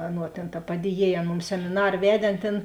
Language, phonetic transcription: Lithuanian, ˈaˌnuo tėn ta ˈpadieˌjiej ˈan ˈmums semiˈnar ˈvedė ˈan ˈtėn

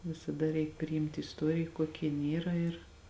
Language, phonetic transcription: Lithuanian, visaˈda reik priˈimti isˈtuorij ˈkuokia jinˈyra ir

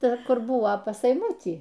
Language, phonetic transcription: Lithuanian, ˈta ˈkur ˈbuvo pas eiˈmutį

